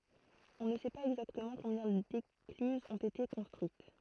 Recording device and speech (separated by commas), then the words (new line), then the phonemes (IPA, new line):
throat microphone, read sentence
On ne sait pas exactement combien d'écluses ont été construites.
ɔ̃ nə sɛ paz ɛɡzaktəmɑ̃ kɔ̃bjɛ̃ deklyzz ɔ̃t ete kɔ̃stʁyit